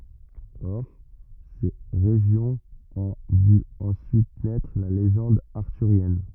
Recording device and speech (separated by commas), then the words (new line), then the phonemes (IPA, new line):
rigid in-ear microphone, read sentence
Or, ces régions ont vu ensuite naître la légende arthurienne.
ɔʁ se ʁeʒjɔ̃z ɔ̃ vy ɑ̃syit nɛtʁ la leʒɑ̃d aʁtyʁjɛn